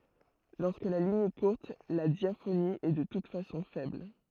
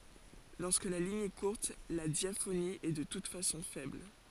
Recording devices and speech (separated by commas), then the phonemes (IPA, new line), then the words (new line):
throat microphone, forehead accelerometer, read sentence
lɔʁskə la liɲ ɛ kuʁt la djafoni ɛ də tut fasɔ̃ fɛbl
Lorsque la ligne est courte, la diaphonie est de toute façon faible.